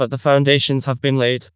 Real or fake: fake